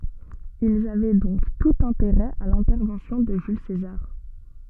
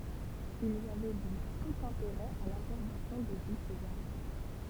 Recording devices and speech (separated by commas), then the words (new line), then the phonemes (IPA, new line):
soft in-ear microphone, temple vibration pickup, read sentence
Ils avaient donc tout intérêt à l'intervention de Jules César.
ilz avɛ dɔ̃k tut ɛ̃teʁɛ a lɛ̃tɛʁvɑ̃sjɔ̃ də ʒyl sezaʁ